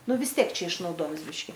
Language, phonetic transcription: Lithuanian, ˈnu vis ˈtiek ˈčia išnauˈdojims ˈbiški

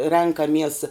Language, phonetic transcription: Lithuanian, ˈrenkamies

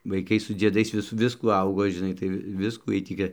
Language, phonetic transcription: Lithuanian, vaiˈkai su dzieˈdais ˈvis ˈviskų ˈaugo žiˈnai tai ˈvi ˈviskų ˈjiej ˈtį gi

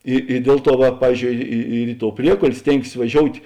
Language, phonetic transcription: Lithuanian, i i ˈdiel ˌtuo va ˈpavyzˌdžiou ˈi i ir i tou ˈpriekol' ˈstėngsės vaˈžiout'

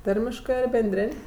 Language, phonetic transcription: Lithuanian, ˈtarmiškɜ ar benˈdrėn'

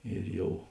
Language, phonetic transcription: Lithuanian, ir ˈjau

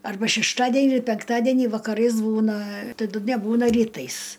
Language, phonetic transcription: Lithuanian, arˈba šešˈtadenį penkˈtadienį vakaˈrais ˈbūna taˈdu neˈbūna ryˈtais

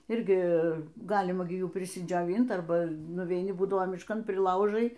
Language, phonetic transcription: Lithuanian, ˈirgi ˈgalima gi ˈjų prisidžioˈvynt ˈarba nuveiˈni ˈbūdavo mišˈkan priˈlaužai

